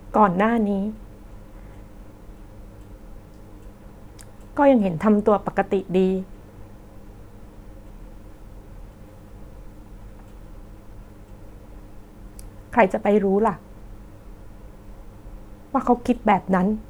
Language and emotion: Thai, sad